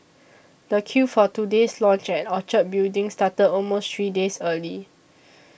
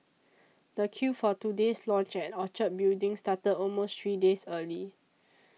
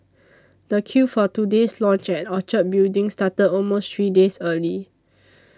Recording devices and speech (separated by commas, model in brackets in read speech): boundary microphone (BM630), mobile phone (iPhone 6), standing microphone (AKG C214), read sentence